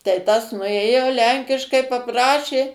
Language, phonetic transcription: Lithuanian, tai ˈtas nuˈėjo ˈlenkiškai paˈprašė

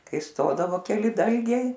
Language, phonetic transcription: Lithuanian, ˈkai ˈstodavo keˈli ˈdalgiai

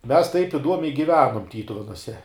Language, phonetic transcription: Lithuanian, ˈmes taip iˈduomiai giˈvenum ˈtytuvenuose

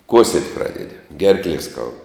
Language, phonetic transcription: Lithuanian, ˈkuosiet' ˈpradedi ˈgerklie skaud

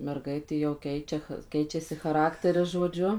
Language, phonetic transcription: Lithuanian, merˈgaitė jau ˈkeičia ch ˈkeičiasi chaˈrakteris žoˈdžiu

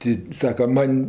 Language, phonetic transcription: Lithuanian, ˈti ˈsaka ˈman'

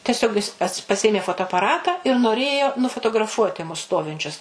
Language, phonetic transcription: Lithuanian, teˈsiog jis pas paˈsėmė fotoapaˈratą ir noˈrėjo nufotograˈfuoti mus ˈstovinčius

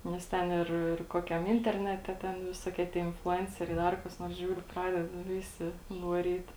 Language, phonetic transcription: Lithuanian, nes ˈten ir ir ˈkokiam ˈinternete ˈten viˈsokie tie influˈenceriai ˈdar kas ˈnors ˈžiūriu ˈpradeda ˈvisi vaˈryt

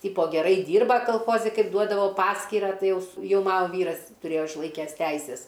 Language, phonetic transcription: Lithuanian, ˈtypo geˈrai ˈdyrba kalˈchozi ˈkaip ˈduodavo ˈpaskyrą ˈtai ˈjau ˈjau ˈmano ˈvyras tuˈrėjo išˈlaikęs ˈteises

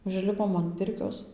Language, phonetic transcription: Lithuanian, užˈlipom an ˈpirkios

